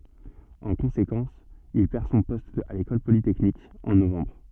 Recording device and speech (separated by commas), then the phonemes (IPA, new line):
soft in-ear microphone, read sentence
ɑ̃ kɔ̃sekɑ̃s il pɛʁ sɔ̃ pɔst a lekɔl politɛknik ɑ̃ novɑ̃bʁ